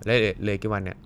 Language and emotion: Thai, neutral